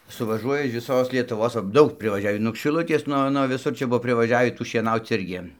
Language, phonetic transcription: Lithuanian, suvaˈžuoja iš viˈsos lietuˈvos va ˈdaug privaˈžiavį nuog šiˈlutės ˈnuo nuo viˈsur ˈčia ˈbuvo privaˈžiavį ˈtų šieˈnauc ˈirgi

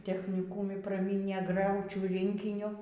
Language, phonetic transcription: Lithuanian, techniˈkūmi praˈmynė ˈgraučių ˈrinkiniu

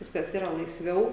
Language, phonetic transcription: Lithuanian, ˈviskas ˈyra laisˈviau

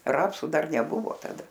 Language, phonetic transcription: Lithuanian, ˈrapsu ˈdar neˈbuvo taˈda

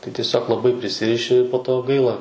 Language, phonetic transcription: Lithuanian, tai tieˈsiog laˈbai priˈsiriši po ˈto ˈgaila

